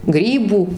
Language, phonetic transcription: Lithuanian, ˈgrybų

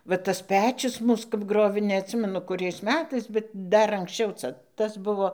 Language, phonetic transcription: Lithuanian, va ˈtas ˈpečius ˈmūs kap ˈgrovė neatˈsimenu kuˈriais ˈmetais bet ˈdar anksˈčiau ˈca ˈtas ˈbuvo

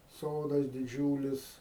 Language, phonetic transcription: Lithuanian, ˈsodas diˈdžiūlis

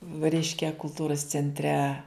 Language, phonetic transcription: Lithuanian, va ˈreiškia kulˈtūros centˈre

